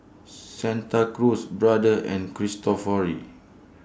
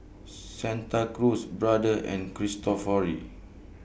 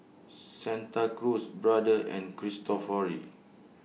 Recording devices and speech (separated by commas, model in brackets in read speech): standing microphone (AKG C214), boundary microphone (BM630), mobile phone (iPhone 6), read sentence